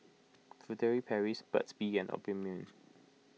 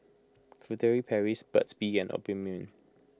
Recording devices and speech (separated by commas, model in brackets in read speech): mobile phone (iPhone 6), close-talking microphone (WH20), read sentence